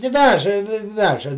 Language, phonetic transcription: Lithuanian, ti ˈveža ˈveža

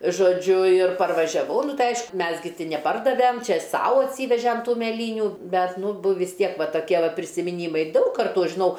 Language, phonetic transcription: Lithuanian, žoˈdžiu ir parvažiaˈvau ˈnu ˈtai ˈaišku ˈmes gi neˈpardavem ˈčia ˈsau atˈsyvežem ˈtų meˈlynių ˈbet ˈnu bu vis ˈtiek ˈva toˈkie prisimiˈnymai ˈdaug karˈtų ˈaš žiˈnau

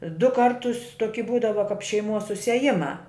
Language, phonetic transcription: Lithuanian, du ˈkartus toˈki ˈbūdava kap šeiˈmuos susieˈjimā

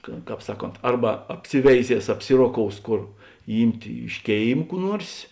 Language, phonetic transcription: Lithuanian, ka ˈkāp ˈsaˌkont ˈarba apˈsiveiˌzies apˈsiroˌkous ˈkor ˈymtė iš ˈkėim ˈkų ˈnuors

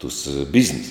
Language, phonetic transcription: Lithuanian, tus ˈbiznis

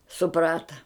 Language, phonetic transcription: Lithuanian, suˈprata

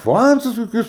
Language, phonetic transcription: Lithuanian, ˈfancus koˈkius

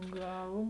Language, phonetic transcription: Lithuanian, ˈgal

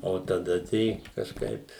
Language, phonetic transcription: Lithuanian, o taˈda tai kažˈkaip

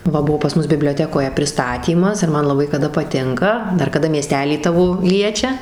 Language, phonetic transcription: Lithuanian, ˈva ˈbuo pas ˈmus biblioˈtekoje priˈstatymas ir ˈman laˈbai kaˈda paˈtinka ˈdar kaˈda mieˈstelį ˈtavo ˈliečia

